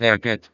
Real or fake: fake